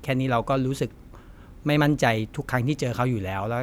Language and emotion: Thai, neutral